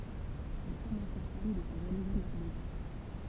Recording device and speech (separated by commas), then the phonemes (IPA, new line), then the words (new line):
temple vibration pickup, read sentence
il tuʁmɑ̃t sa fam də sa ʒaluzi mɔʁbid
Il tourmente sa femme de sa jalousie morbide.